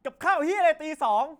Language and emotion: Thai, angry